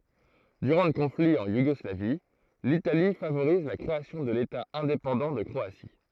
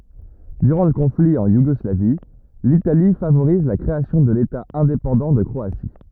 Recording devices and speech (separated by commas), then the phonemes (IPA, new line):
throat microphone, rigid in-ear microphone, read sentence
dyʁɑ̃ lə kɔ̃fli ɑ̃ juɡɔslavi litali favoʁiz la kʁeasjɔ̃ də leta ɛ̃depɑ̃dɑ̃ də kʁoasi